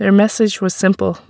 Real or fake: real